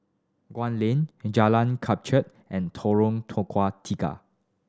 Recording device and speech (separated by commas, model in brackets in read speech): standing microphone (AKG C214), read sentence